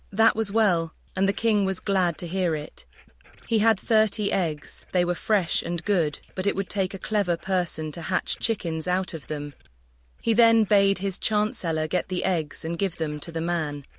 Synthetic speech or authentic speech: synthetic